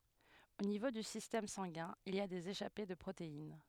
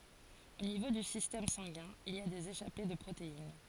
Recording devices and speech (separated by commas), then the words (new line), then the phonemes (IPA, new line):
headset microphone, forehead accelerometer, read sentence
Au niveau du système sanguin, il y a des échappées de protéines.
o nivo dy sistɛm sɑ̃ɡɛ̃ il i a dez eʃape də pʁotein